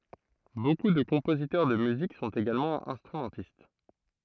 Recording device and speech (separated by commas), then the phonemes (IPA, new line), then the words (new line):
throat microphone, read sentence
boku də kɔ̃pozitœʁ də myzik sɔ̃t eɡalmɑ̃ ɛ̃stʁymɑ̃tist
Beaucoup de compositeurs de musique sont également instrumentistes.